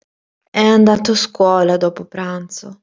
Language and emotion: Italian, sad